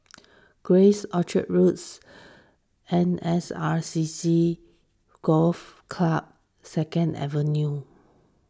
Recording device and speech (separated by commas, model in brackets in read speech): standing microphone (AKG C214), read sentence